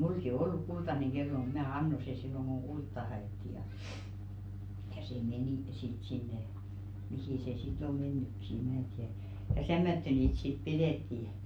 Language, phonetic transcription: Finnish, 'mulki o "olluk "kultaneŋ 'ɢello mut 'mää "anno se 'silloŋ ɢoŋ "ɢultta 'ha₍ètti ja , ja 'se "menì , sit 'sinne , "mihì se si't ‿o "mennykki e 'mää tiäʀ , ja 'tämmättö niit sit "pidètti .
- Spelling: minullakin on ollut kultainen kello mutta minä annoin se silloin kun kultaa haettiin ja ja se meni sitten sinne mihin se sitten on mennytkin ei minä tiedä ja tämmöttöön niitä sitten pidettiin

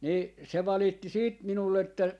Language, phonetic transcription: Finnish, nii , se 'valitti 'siit 'minull ‿että , .
- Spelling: niin se valitti siitä minulle että

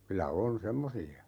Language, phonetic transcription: Finnish, 'kylä 'on "semmosi₍a .
- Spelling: kyllä on semmoisia

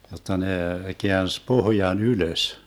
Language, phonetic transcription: Finnish, jotta ne , 'keäns "pohjan 'ylös .
- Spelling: jotta ne käänsi pohjan ylös

